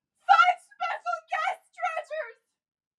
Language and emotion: English, fearful